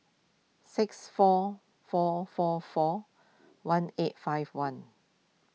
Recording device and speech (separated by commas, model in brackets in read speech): mobile phone (iPhone 6), read sentence